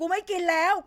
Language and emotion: Thai, angry